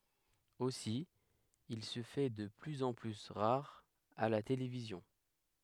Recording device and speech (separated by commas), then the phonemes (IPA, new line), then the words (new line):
headset microphone, read sentence
osi il sə fɛ də plyz ɑ̃ ply ʁaʁ a la televizjɔ̃
Aussi, il se fait de plus en plus rare à la télévision.